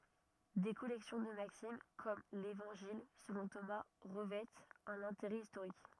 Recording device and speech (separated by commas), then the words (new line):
rigid in-ear microphone, read sentence
Des collections de maximes, comme l'Évangile selon Thomas, revêtent un intérêt historique.